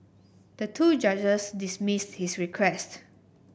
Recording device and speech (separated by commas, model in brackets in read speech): boundary microphone (BM630), read sentence